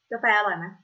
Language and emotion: Thai, neutral